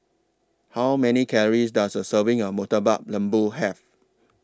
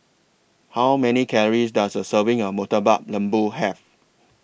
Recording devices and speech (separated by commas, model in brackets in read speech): standing microphone (AKG C214), boundary microphone (BM630), read sentence